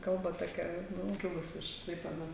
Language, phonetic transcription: Lithuanian, ˈkalba toˈkia ˈnū ˈkilus iš ˈklaipėdos

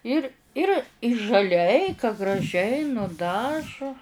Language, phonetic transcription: Lithuanian, ˈir ˈir žaˈliai ka graˈžiai nuˈdažu

